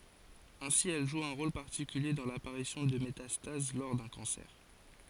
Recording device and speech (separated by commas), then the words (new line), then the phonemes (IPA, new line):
forehead accelerometer, read sentence
Ainsi, elle joue un rôle particulier dans l'apparition de métastases lors d'un cancer.
ɛ̃si ɛl ʒu œ̃ ʁol paʁtikylje dɑ̃ lapaʁisjɔ̃ də metastaz lɔʁ dœ̃ kɑ̃sɛʁ